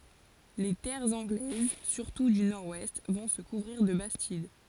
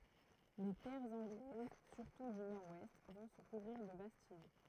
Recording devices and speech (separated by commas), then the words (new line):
forehead accelerometer, throat microphone, read sentence
Les terres anglaises, surtout du nord-ouest, vont se couvrir de bastides.